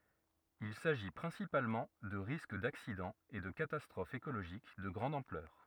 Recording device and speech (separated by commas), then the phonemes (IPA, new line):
rigid in-ear microphone, read sentence
il saʒi pʁɛ̃sipalmɑ̃ də ʁisk daksidɑ̃z e də katastʁofz ekoloʒik də ɡʁɑ̃d ɑ̃plœʁ